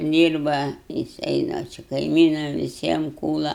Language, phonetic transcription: Lithuanian, ˈdyrba jiˈsai dar ˈčia kaiˈmynam viˈsiem ˈkūla

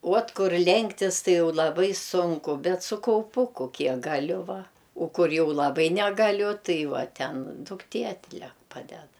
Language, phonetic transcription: Lithuanian, uot ˈkur ˈlenktis ˈtai ˈjau laˈbai ˈsunku ˈbet su kauˈpuku ˈkiek gaˈliu ˈva o ˈkur ˈjau laˈbai negaˈliu ˈtai ˈva ˈten dukˈtė atˈlek ˈpaded

